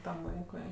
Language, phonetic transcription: Lithuanian, tam ˈvaikui

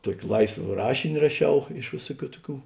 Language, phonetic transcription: Lithuanian, ˈtuoki ˈlaisva ˈrašini raˈšiau iš ˈvėsuˌkių ˈtuˌkių

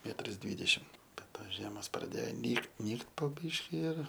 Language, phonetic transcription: Lithuanian, ˈmetras ˈdvydešim bet ˈtos ˈžiemos praˈdėjo ˈnykt ˈnykt po ˈbyški ir

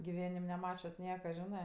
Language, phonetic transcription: Lithuanian, giˈvenim neˈmačius ˈnieka ˈžinɜ

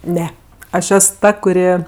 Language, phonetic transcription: Lithuanian, ˈne ˈaš ˈes ˈta kuˈri

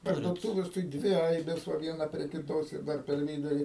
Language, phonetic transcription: Lithuanian, parduoˈtūves tai ˈdvi ˈaibės ˈva ˈviena prie kiˈtos ir ˈdar per ˈvyduri

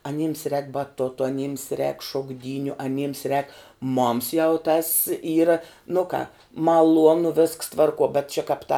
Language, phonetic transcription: Lithuanian, aˈnyms rēk baˈtoto aˈnyms rēk šokˈdyniu aˈnyms rēk moms jau tas ˈyra nu ką maˈluonu visks ˈtvarˌkuo bet čia kāp ta

